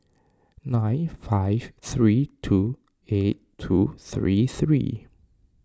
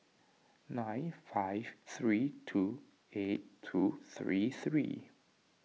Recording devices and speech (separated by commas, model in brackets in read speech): standing microphone (AKG C214), mobile phone (iPhone 6), read sentence